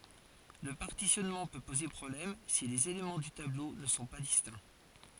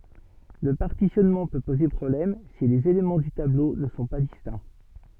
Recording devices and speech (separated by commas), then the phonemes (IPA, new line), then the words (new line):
forehead accelerometer, soft in-ear microphone, read sentence
lə paʁtisjɔnmɑ̃ pø poze pʁɔblɛm si lez elemɑ̃ dy tablo nə sɔ̃ pa distɛ̃
Le partitionnement peut poser problème si les éléments du tableau ne sont pas distincts.